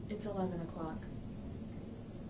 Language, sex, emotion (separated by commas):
English, female, sad